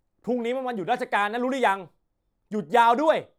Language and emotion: Thai, angry